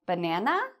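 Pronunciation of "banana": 'Banana' is said as a yes-no question, and the voice rises at the end, going up.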